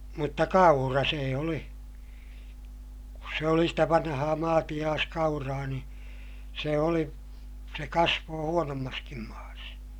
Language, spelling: Finnish, mutta kaura se oli kun se oli sitä vanhaa maatiaiskauraa niin se oli se kasvoi huonommassakin maassa
- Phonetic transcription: mutta kaura see oli , kus se oli stä vanhaa maatiʲaaskauraa ni , se oli , se kasvoo huonommaskim maas .

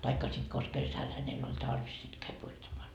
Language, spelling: Finnish, tai sitten konsa kesällä hänellä oli tarvis sitten kävi puittamaan
- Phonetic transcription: taikka sit kos 'kesäl hänell ‿oĺ 'tarvis sit käi puittamaa .

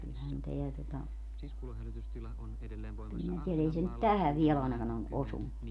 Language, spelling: Finnish, kyllähän tämä tuota kyllä minä tiedän ei se nyt tähän vielä ainakaan ole osunut
- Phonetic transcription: kylhän 'teä tota , kyl minä 'tielä ei se nyt "tähäv 'viel ‿àenakan ‿o , 'osunnu .

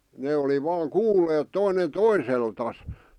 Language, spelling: Finnish, ne oli vain kuulleet toinen toiseltaan
- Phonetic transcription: 'ne oli vaaŋ "kuulleet toinen "toiseltas .

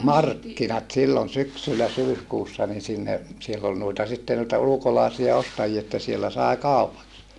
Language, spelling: Finnish, markkinat silloin syksyllä syyskuussa niin sinne siellä oli noita sitten noita ulkolaisia ostajia että siellä sai kaupaksi
- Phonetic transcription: markkinat sillon syksyllä syyskuussa nin sinne , siell ‿ol nuita sitte nuita ulukolaasia ostajie että siellä sài kaupaks .

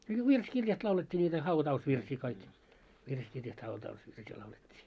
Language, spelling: Finnish, no virsikirjasta laulettiin niitä hautausvirsiä kaikki virsikirjasta hautausvirsiä laulettiin
- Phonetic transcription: no 'virs'kirjast laulet́t́ii ńiitä 'hauta₍usvirsii kaik , virskirjast hauta₍usvirsii laulet́t́ii .

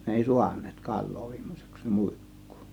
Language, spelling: Finnish, ne ei saaneet kalaa viime syksynä muikkua
- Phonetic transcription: ne 'èi "suan̆neet "kal̆loo viim̀o syksyn(ä) , 'mùik̀kUU .

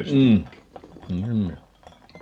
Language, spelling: Finnish, - niinhän ne oli
- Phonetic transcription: 'm̥ , 'niihän "ne oli .

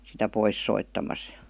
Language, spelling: Finnish, sitä pois soittamassa ja
- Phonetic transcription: sitä 'pois 'soittamas (JA) .

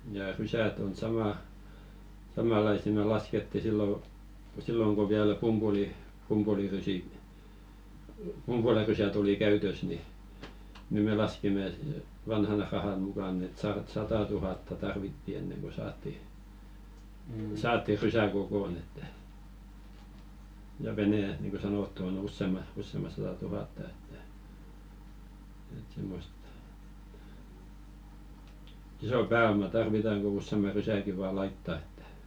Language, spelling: Finnish, ja rysät on - samanlaisia me laskettiin silloin silloin kun vielä - pumpulirysiä pumpulirysät oli käytössä niin niin me laskimme että vanhan rahan mukaan että - sata tuhatta tarvittiin ennen kuin saatiin saatiin rysä kokoon että ja vene niin kuin sanottu on - useamman sata tuhatta että että semmoista isoa pääomaa tarvitaan kun useamman rysänkin vain laittaa että
- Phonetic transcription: ja "rysät ‿on 'samà- , 'samàlaisi me 'lasketti sillo , "silloŋ ko viäl 'pumʙuli- , pumpulirysi , "pumpularysät ‿oli 'käytös ni , ni 'me laskimĕ ‿eᵗ , "vanhan 'rahan mukàn̆n ‿et sarat- "sata tuhatta 'tarvitti enneŋ ko 'saatti , 'saatti "rysä kokon ‿että , ja 'venè niiŋko 'sanòttu o'n ‿ussèma- ussema sata 'tuhàtta että , et 'simmost , 'iso "pää₍oma tarvitaŋ ku "ussema 'rysäŋki vaa 'laitta ᴇttᴀ̈ .

